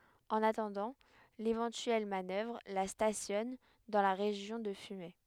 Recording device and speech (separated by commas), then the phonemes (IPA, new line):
headset microphone, read sentence
ɑ̃n atɑ̃dɑ̃ levɑ̃tyɛl manœvʁ la stasjɔn dɑ̃ la ʁeʒjɔ̃ də fymɛ